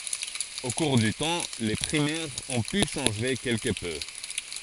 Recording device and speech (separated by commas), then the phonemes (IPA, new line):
forehead accelerometer, read sentence
o kuʁ dy tɑ̃ le pʁimɛʁz ɔ̃ py ʃɑ̃ʒe kɛlkə pø